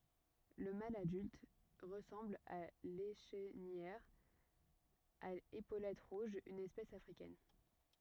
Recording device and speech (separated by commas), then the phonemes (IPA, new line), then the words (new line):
rigid in-ear microphone, read sentence
lə mal adylt ʁəsɑ̃bl a leʃnijœʁ a epolɛt ʁuʒz yn ɛspɛs afʁikɛn
Le mâle adulte ressemble à l'Échenilleur à épaulettes rouges, une espèce africaine.